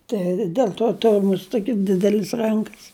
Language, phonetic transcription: Lithuanian, ˈtai ˈdel to ˈturiu ˈmust ˈtoki ˈdidelis ˈrankas

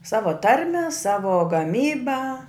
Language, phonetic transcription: Lithuanian, ˈsavo ˈtarme ˈsavo gaˈmyba

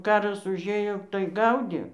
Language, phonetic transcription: Lithuanian, ˈkaras užˈėjo tai ˈgaudė

